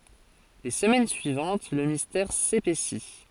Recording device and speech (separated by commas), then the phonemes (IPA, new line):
forehead accelerometer, read sentence
le səmɛn syivɑ̃t lə mistɛʁ sepɛsi